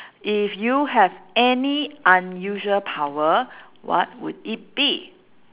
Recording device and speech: telephone, conversation in separate rooms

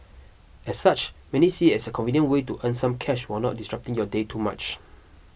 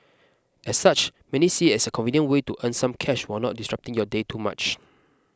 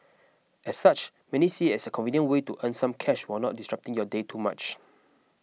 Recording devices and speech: boundary microphone (BM630), close-talking microphone (WH20), mobile phone (iPhone 6), read sentence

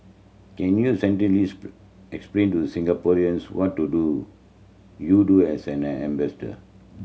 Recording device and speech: mobile phone (Samsung C7100), read sentence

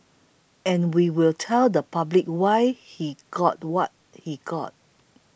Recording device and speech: boundary microphone (BM630), read sentence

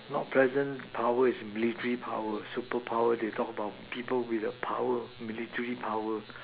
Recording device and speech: telephone, conversation in separate rooms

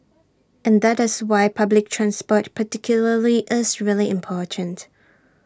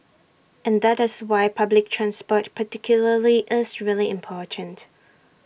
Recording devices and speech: standing microphone (AKG C214), boundary microphone (BM630), read sentence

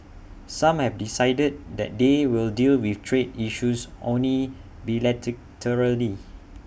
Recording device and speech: boundary microphone (BM630), read sentence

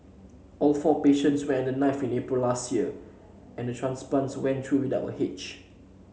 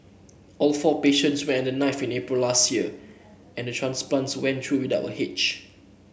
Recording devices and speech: mobile phone (Samsung C7), boundary microphone (BM630), read sentence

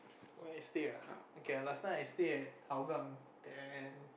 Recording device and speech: boundary microphone, conversation in the same room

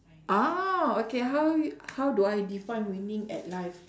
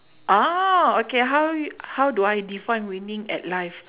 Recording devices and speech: standing microphone, telephone, conversation in separate rooms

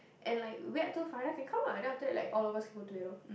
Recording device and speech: boundary microphone, conversation in the same room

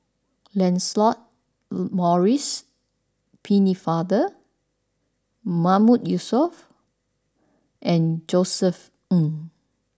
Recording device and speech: standing microphone (AKG C214), read sentence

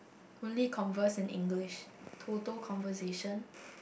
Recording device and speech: boundary microphone, conversation in the same room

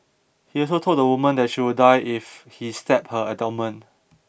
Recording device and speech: boundary microphone (BM630), read sentence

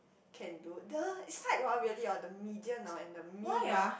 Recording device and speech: boundary microphone, conversation in the same room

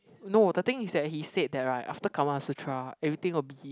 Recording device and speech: close-talking microphone, conversation in the same room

